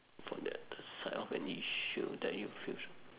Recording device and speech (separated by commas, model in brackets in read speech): telephone, conversation in separate rooms